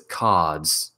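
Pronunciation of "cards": In 'cards', a very quick d sound is heard just before the final z sound.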